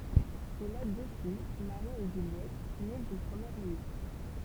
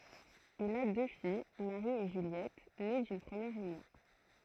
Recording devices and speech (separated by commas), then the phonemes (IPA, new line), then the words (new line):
temple vibration pickup, throat microphone, read sentence
il a dø fij maʁi e ʒyljɛt ne dyn pʁəmjɛʁ ynjɔ̃
Il a deux filles, Marie et Juliette, nées d'une première union.